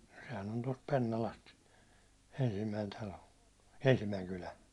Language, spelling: Finnish, sehän on tuosta Pennalasta ensimmäinen talo ensimmäinen kylä
- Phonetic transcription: sehän ‿on tost 'Pennalast , ensimmäin 'talo , 'ensimmäiŋ 'kylä .

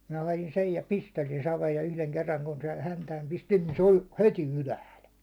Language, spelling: Finnish, minä hain sen ja pistelin saveen ja yhden kerran kun sen häntään pistin niin se oli heti ylhäällä
- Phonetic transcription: minä 'hajin sej ja 'pisteiin saveej ja yhleŋ kerrat) kun sen häntääm pistin niin se oĺ "heti 'ylähäl .

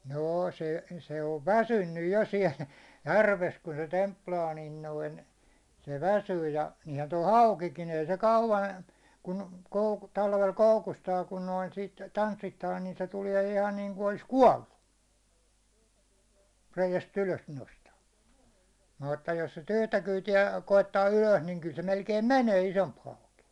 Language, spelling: Finnish, no se se on väsynyt jo siellä järvessä kun se templaa niin noin se väsyy ja niinhän tuo haukikin ei se kauan kun - talvella koukustaa kun noin sitä tanssittaa niin se tulee ihan niin kuin olisi kuollut reiästä ylös nostaa mutta jos sitä yhtä kyytiä koettaa ylös niin kyllä se melkein menee isompi hauki
- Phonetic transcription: 'noo se , se ov "väsynnyj jo 'siɛl , 'järves ku se 'templaa niin noin , 'se "väsyy ja , niihän toi "haukikin ‿ei se kauvan , kun kou- , 'talvel 'koukustaa kun noin sit , 'tanssittaa nin 'sc 'tuliɛ ihan niiŋku olis "kuållu , reijäs't ‿ylös nosta , mutta jos si't ‿yhtä 'kyyti₍ä , 'koittaa 'ylös niŋ kyl se 'melkeim "mänee 'isomp hauki .

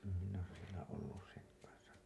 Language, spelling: Finnish, en minä ole siellä ollut sen kanssa
- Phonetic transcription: em minn ‿oos sielä ollus 'seŋ kansa .

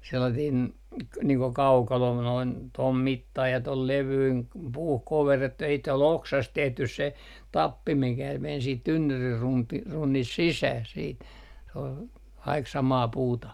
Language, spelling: Finnish, sellainen niin kuin kaukalo noin tuon mittainen ja tuon levyinen puuhun koverrettu ja sitten oli oksasta tehty se tappi mikä meni sitten tynnyrin - runnista sisään sitten se oli kaikki samaa puuta
- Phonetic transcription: sellatiin , niiŋ ko 'kaukalo noin , 'tom 'mittai ja 'tol 'levyin , 'puuh 'koverrettu ja sit ‿ol "oksast 'tehtys se , "tappi mikä men siit 'tynnyrir runti- , 'runnist 'sisäh siit , se ol , kaik 'samaa 'puuta .

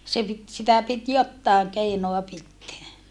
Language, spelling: Finnish, se piti sitä piti jotakin keinoa pitää
- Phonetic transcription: se pit , sitä pit jottàeŋ keinoa pitteä .

